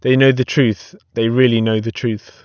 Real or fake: real